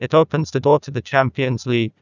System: TTS, neural waveform model